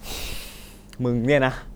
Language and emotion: Thai, frustrated